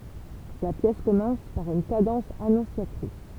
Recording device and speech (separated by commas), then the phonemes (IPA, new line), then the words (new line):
temple vibration pickup, read sentence
la pjɛs kɔmɑ̃s paʁ yn kadɑ̃s anɔ̃sjatʁis
La pièce commence par une cadence annonciatrice.